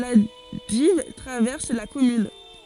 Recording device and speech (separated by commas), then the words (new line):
forehead accelerometer, read sentence
La Dives traverse la commune.